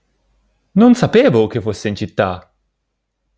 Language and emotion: Italian, surprised